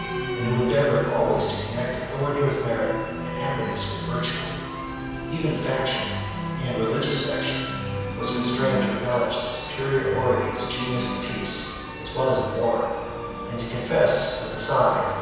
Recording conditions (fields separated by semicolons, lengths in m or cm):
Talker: one person; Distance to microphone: 7.1 m; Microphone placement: far; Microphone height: 1.7 m; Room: very reverberant, large; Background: music